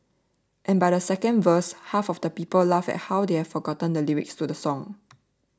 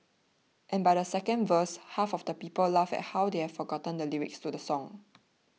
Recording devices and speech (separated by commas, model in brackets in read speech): standing microphone (AKG C214), mobile phone (iPhone 6), read sentence